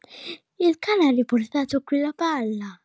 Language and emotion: Italian, surprised